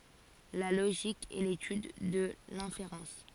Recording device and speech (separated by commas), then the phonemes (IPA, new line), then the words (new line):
forehead accelerometer, read sentence
la loʒik ɛ letyd də lɛ̃feʁɑ̃s
La logique est l’étude de l’inférence.